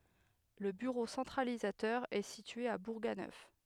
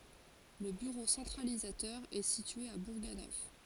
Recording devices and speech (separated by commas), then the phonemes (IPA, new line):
headset microphone, forehead accelerometer, read sentence
lə byʁo sɑ̃tʁalizatœʁ ɛ sitye a buʁɡanœf